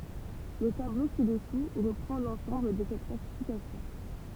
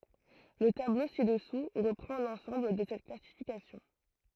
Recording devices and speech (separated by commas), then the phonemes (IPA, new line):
temple vibration pickup, throat microphone, read sentence
lə tablo si dəsu ʁəpʁɑ̃ lɑ̃sɑ̃bl də sɛt klasifikasjɔ̃